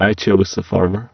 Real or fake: fake